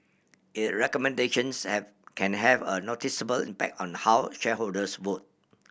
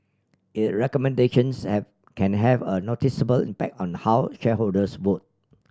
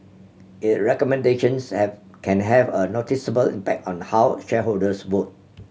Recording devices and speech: boundary microphone (BM630), standing microphone (AKG C214), mobile phone (Samsung C7100), read sentence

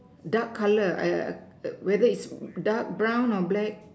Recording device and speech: standing microphone, conversation in separate rooms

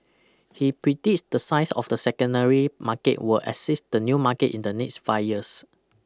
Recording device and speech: close-talking microphone (WH20), read sentence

